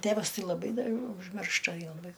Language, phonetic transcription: Lithuanian, ˈtævas ˈtai laˈbai da ai užˈmiršta jo laˈbai

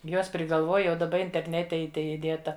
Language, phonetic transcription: Lithuanian, ˈjuos prigalˈvuoj jau daˈba interˈnete i ˈtai iˈdėta

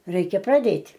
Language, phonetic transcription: Lithuanian, ˈreikia praˈdėt'

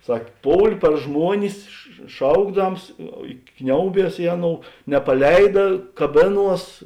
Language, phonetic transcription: Lithuanian, ˈsak' ˈpoul' par ˈžmuonis š ˈšaukdams i ˈkniauˌbies ˈi aˌnou nepaˈleida kaˈbėˌnuos

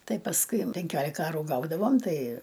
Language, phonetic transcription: Lithuanian, ˈtai pasˈkui penˈkiolika ˈarų ˈgaudavom ˈtai

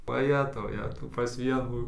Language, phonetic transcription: Lithuanian, vaˈjetau ˈjetau pas ˈvienų

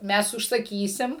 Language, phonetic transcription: Lithuanian, ˈmes užsaˈkysim

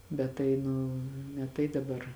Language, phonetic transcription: Lithuanian, ˈbet tai ˈnu ne ˈtai daˈbar

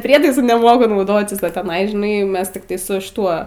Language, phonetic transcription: Lithuanian, ˈprietaisu neˈmoku nauˈdotis o teˈnai žiˈnai ˈmes tikˈtai su šiˈtuo

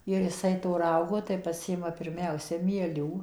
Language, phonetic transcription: Lithuanian, ir ˈjisai to ˈraugo tai paˈsiima pirˈmiausia mieˈlių

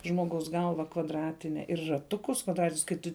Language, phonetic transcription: Lithuanian, ˌžmoˈgaus ˈgalva kvadˈratine ir raˈtukus kvadˈratinius kai ˈtu

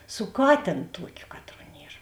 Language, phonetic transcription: Lithuanian, su ˈkatėn ˈtuokiu ˈkatˌruo ˈnier

